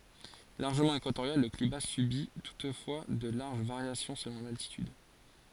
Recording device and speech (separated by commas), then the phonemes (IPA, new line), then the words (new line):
forehead accelerometer, read sentence
laʁʒəmɑ̃ ekwatoʁjal lə klima sybi tutfwa də laʁʒ vaʁjasjɔ̃ səlɔ̃ laltityd
Largement équatorial, le climat subit toutefois de larges variations selon l’altitude.